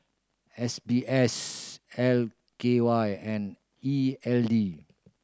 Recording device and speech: standing microphone (AKG C214), read sentence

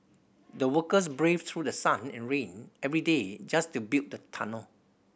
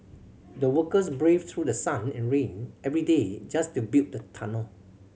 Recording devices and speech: boundary microphone (BM630), mobile phone (Samsung C7100), read sentence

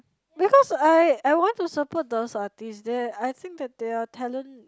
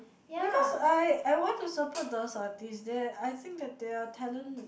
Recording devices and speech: close-talking microphone, boundary microphone, conversation in the same room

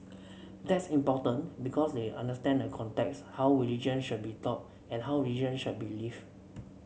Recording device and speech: mobile phone (Samsung C7), read sentence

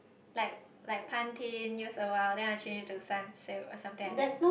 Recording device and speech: boundary microphone, conversation in the same room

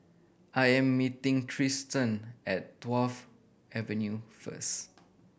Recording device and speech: boundary microphone (BM630), read sentence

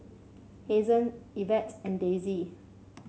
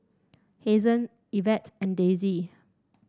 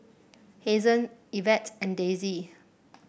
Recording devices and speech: mobile phone (Samsung C7), standing microphone (AKG C214), boundary microphone (BM630), read sentence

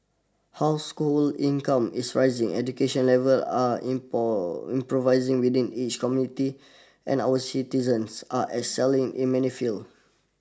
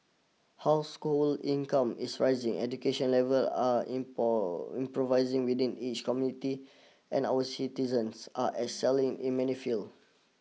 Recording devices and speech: standing microphone (AKG C214), mobile phone (iPhone 6), read sentence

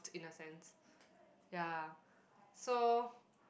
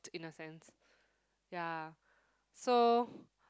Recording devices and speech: boundary microphone, close-talking microphone, conversation in the same room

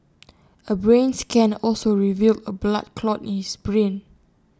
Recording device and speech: standing microphone (AKG C214), read sentence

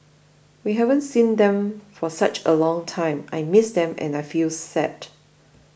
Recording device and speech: boundary microphone (BM630), read sentence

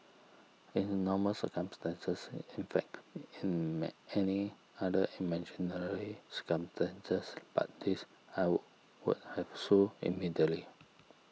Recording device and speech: mobile phone (iPhone 6), read sentence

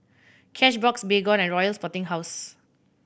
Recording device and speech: boundary microphone (BM630), read sentence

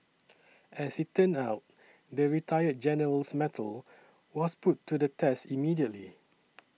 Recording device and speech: mobile phone (iPhone 6), read sentence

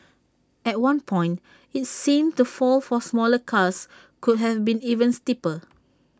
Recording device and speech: standing microphone (AKG C214), read sentence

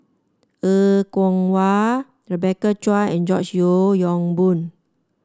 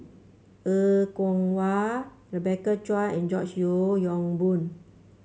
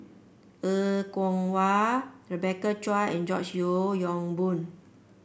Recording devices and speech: standing microphone (AKG C214), mobile phone (Samsung C5), boundary microphone (BM630), read sentence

